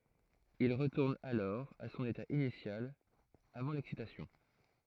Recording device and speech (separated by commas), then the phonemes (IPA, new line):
throat microphone, read sentence
il ʁətuʁn alɔʁ a sɔ̃n eta inisjal avɑ̃ lɛksitasjɔ̃